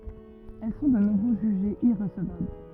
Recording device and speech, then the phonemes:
rigid in-ear microphone, read sentence
ɛl sɔ̃ də nuvo ʒyʒez iʁəsəvabl

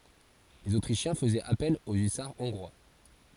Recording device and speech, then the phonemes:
forehead accelerometer, read sentence
lez otʁiʃjɛ̃ fəzɛt apɛl o ysaʁ ɔ̃ɡʁwa

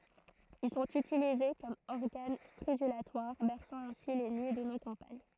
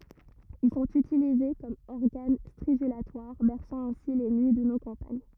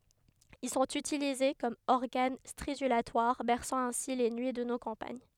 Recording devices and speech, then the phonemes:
throat microphone, rigid in-ear microphone, headset microphone, read sentence
il sɔ̃t ytilize kɔm ɔʁɡan stʁidylatwaʁ bɛʁsɑ̃ ɛ̃si le nyi də no kɑ̃paɲ

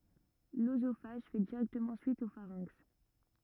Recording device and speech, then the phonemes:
rigid in-ear microphone, read sentence
løzofaʒ fɛ diʁɛktəmɑ̃ syit o faʁɛ̃ks

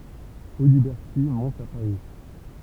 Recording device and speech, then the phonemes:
temple vibration pickup, read sentence
odibɛʁti mɔ̃t a paʁi

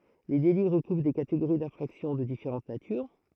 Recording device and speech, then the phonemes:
throat microphone, read sentence
le deli ʁəkuvʁ de kateɡoʁi dɛ̃fʁaksjɔ̃ də difeʁɑ̃t natyʁ

